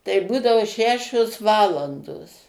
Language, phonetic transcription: Lithuanian, tai ˈbūdavo ˈšešios ˈvalandos

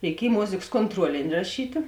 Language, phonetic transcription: Lithuanian, reiˈkiej ˈmozėks kontˈruolini raˈšytė

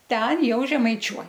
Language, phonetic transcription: Lithuanian, ˈten ˈjau žemaiˈčiuoj

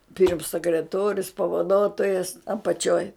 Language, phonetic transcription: Lithuanian, pirms sekreˈtorius pavaˈdotojas apaˈčioj

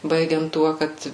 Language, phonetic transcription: Lithuanian, ˈbaigiant ˈtuo ˈkad

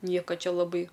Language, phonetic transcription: Lithuanian, ˈnieka ˈčia laˈbai

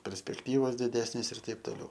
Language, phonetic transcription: Lithuanian, perspekˈtyvos diˈdesnės ir ˈtaip toˈliau

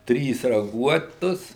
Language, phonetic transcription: Lithuanian, ˈtrys raˈguotus

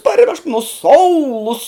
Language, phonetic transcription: Lithuanian, parˈvežk nu ˈsoulus

